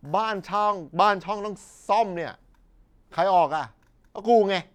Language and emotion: Thai, frustrated